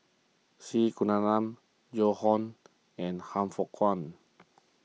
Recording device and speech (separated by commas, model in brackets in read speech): mobile phone (iPhone 6), read sentence